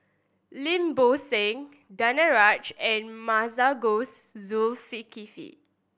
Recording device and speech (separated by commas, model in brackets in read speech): boundary microphone (BM630), read sentence